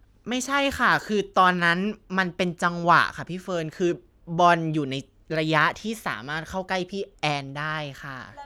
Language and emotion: Thai, frustrated